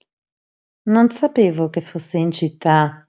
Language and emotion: Italian, neutral